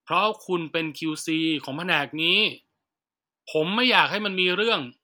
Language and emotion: Thai, frustrated